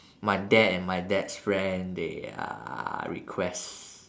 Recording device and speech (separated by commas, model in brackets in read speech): standing microphone, conversation in separate rooms